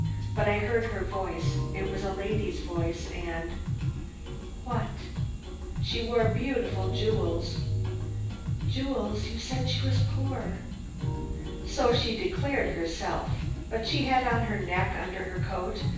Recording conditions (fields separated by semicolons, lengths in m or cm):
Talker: one person; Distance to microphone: 9.8 m; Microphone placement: far; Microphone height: 1.8 m; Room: large; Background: music